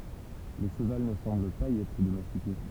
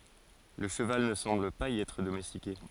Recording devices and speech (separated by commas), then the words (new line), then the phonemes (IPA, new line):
temple vibration pickup, forehead accelerometer, read sentence
Le cheval ne semble pas y être domestiqué.
lə ʃəval nə sɑ̃bl paz i ɛtʁ domɛstike